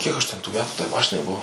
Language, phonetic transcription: Lithuanian, ˈkiek aš ˈten tų ˈmetų tai ˈmašinai ˈbuvo

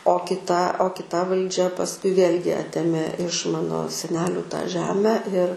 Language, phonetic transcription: Lithuanian, o kiˈta o kiˈta valˈdžia pasˈkui ˈvėlgi ˈatėmė iš ˈmano seˈnelių tą ˈžemę ir

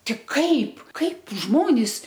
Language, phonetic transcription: Lithuanian, tik ˈkaip ˈkaip ˈžmonis

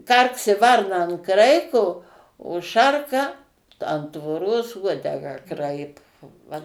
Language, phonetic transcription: Lithuanian, ˈkarksi ˈvarna an ˈkraiko o ˈšarka an tvorˈos ˈuodegą ˈkraipo ˈva

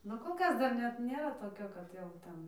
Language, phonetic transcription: Lithuanian, ˈnu kol ˈkas dar ˈnet ˈnėra toˈkio kad jau ˈten

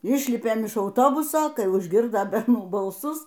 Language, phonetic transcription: Lithuanian, ˈišlipėm iš auˈtobuso ˈkai užˈgirdo berˈnų balˈsus

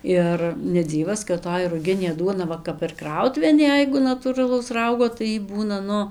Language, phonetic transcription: Lithuanian, ˈir neˈdzyvas kad toj ruˈginė ˈduona ˈva kap ir ˈkrautuvėn ˈjeigu natūraˈlaus ˈraugo tai ˈjy ˈbūna ˈnu

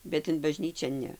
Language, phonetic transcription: Lithuanian, bet in baˈžnyčia ˈne

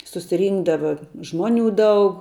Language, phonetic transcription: Lithuanian, susiˈrynkdava ˈžmuoˌnių ˈdaug

